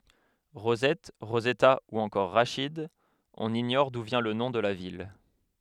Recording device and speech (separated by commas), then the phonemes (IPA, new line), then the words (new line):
headset microphone, read sentence
ʁozɛt ʁozɛta u ɑ̃kɔʁ ʁaʃid ɔ̃n iɲɔʁ du vjɛ̃ lə nɔ̃ də la vil
Rosette, Rosetta ou encore Rachid, on ignore d’où vient le nom de la ville.